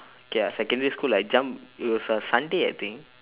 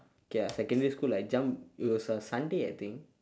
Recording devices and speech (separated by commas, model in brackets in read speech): telephone, standing microphone, conversation in separate rooms